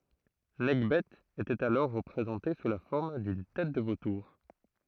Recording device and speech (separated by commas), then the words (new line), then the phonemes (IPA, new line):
throat microphone, read sentence
Nekhbet était alors représentée sous la forme d'une tête de vautour.
nɛkbɛ etɛt alɔʁ ʁəpʁezɑ̃te su la fɔʁm dyn tɛt də votuʁ